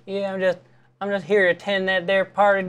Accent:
slurred Southern drawl in gentle voice